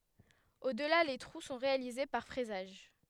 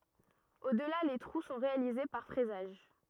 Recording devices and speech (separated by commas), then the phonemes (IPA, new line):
headset microphone, rigid in-ear microphone, read sentence
odla le tʁu sɔ̃ ʁealize paʁ fʁɛzaʒ